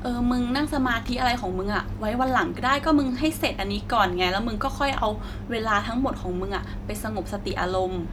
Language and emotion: Thai, sad